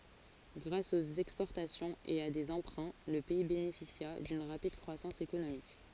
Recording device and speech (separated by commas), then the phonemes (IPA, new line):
forehead accelerometer, read sentence
ɡʁas oə ɛkspɔʁtasjɔ̃ə e a deə ɑ̃pʁɛ̃ lə pɛi benefisja dyn ʁapid kʁwasɑ̃s ekonomik